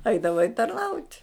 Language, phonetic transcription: Lithuanian, ˈeidavai tarˈnaut'

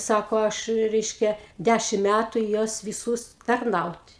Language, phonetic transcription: Lithuanian, ˈsako ˈaš ˈreiškia ˈdæšim ˈmætu i ˈjuos viˈsūs tarˈnaut'

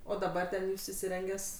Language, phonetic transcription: Lithuanian, ˈo daˈbar ten ˈjūs įsiˈrengęs

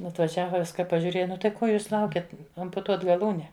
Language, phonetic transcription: Lithuanian, atvaˈžiava ˈviska pažiūˈrėja ˈnu tai ˈko ˈjūs ˈlaukiat ampuˈtuot gaˈlūne

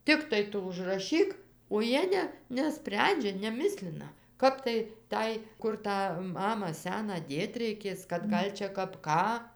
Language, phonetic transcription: Lithuanian, ˈtiktai ˈtu užraˈšyk o ˈjie ne neˈsprendžia neˈmislina ˈkap tai ˈtai ˈkur tą ˈmamą ˈseną ˈdėt reiˈkės kad ˈgal' čia ˈkap ˈką

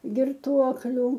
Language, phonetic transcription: Lithuanian, girˈtuokliu

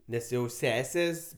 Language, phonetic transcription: Lithuanian, ˈnes jau ˈsesės

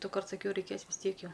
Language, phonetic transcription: Lithuanian, duˈkart saˈkiau reiˈkės vis ˈtiek ˈjau

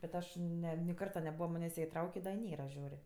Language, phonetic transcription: Lithuanian, bet ˈaš ˈne ni ˈkarta neˈbūva ˈmanės' ˈjie iˈtraukė da i ˈnėra ˈžiūr'

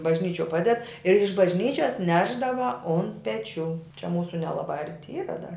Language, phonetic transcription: Lithuanian, bažˈnyčio ˈpaded ir iš bažˈnyčias ˈnešdava on peˈčių čia ˈmūsu nelaˈbā ˈarti ˈyra dar

